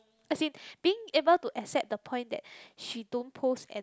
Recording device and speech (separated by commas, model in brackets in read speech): close-talking microphone, conversation in the same room